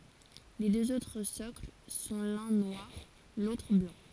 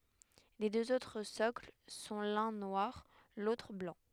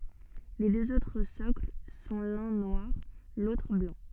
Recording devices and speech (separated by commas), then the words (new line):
forehead accelerometer, headset microphone, soft in-ear microphone, read sentence
Les deux autres socles sont l'un noir, l'autre blanc.